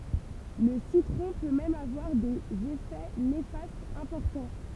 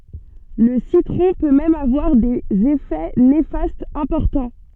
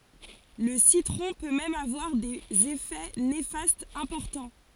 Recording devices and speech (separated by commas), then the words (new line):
temple vibration pickup, soft in-ear microphone, forehead accelerometer, read sentence
Le citron peut même avoir des effets néfastes importants.